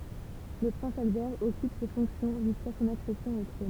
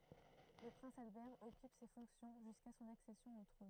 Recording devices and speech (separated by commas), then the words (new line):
temple vibration pickup, throat microphone, read sentence
Le prince Albert occupe ces fonctions jusqu'à son accession au trône.